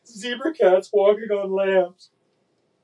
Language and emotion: English, sad